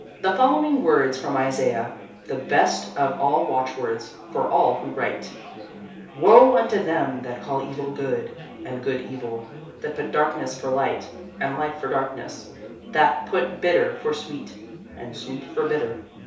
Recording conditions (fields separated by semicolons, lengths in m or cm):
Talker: one person; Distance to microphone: 3.0 m; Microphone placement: far; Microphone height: 1.8 m; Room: small (3.7 m by 2.7 m); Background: babble